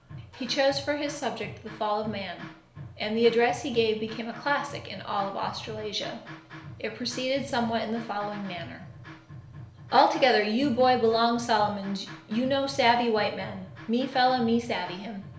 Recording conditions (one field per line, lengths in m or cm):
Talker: one person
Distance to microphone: 1.0 m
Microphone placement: close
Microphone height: 1.1 m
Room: small (3.7 m by 2.7 m)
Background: music